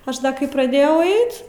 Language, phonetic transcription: Lithuanian, ˈaš da kai praˈdėjau ˈait

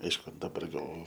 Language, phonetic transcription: Lithuanian, ˈaišku daˈbar gal

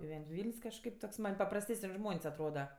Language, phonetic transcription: Lithuanian, giˈven't' ˈvyln's' kažˈkaip toks man' paprasˈtesən' ˈžmons' atˈroda

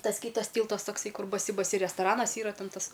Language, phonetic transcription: Lithuanian, ˈtas ˈkytas ˈtyltas ˈtoksai ˈkur baˈsi baˈsi restaˈranas ˈyra ˈten ˈtas

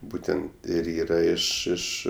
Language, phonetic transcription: Lithuanian, ˈbūtent ir ˈyra ˈiš ˈiš

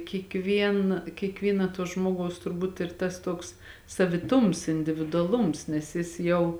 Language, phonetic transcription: Lithuanian, kiekˈvien kiekˈvyna tuo ˈžmogaus turˈbūt ir ˈtas ˈtoks saviˈtums individuaˈlums nes ˈjis jau

